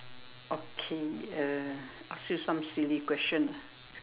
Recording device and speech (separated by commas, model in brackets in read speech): telephone, conversation in separate rooms